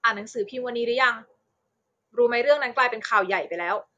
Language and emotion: Thai, neutral